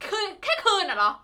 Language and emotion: Thai, angry